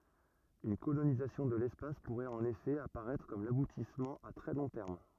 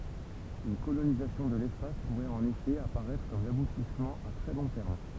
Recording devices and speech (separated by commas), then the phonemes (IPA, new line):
rigid in-ear microphone, temple vibration pickup, read sentence
yn kolonizasjɔ̃ də lɛspas puʁɛt ɑ̃n efɛ apaʁɛtʁ kɔm labutismɑ̃ a tʁɛ lɔ̃ tɛʁm